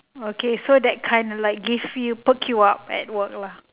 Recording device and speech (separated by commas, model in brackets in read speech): telephone, conversation in separate rooms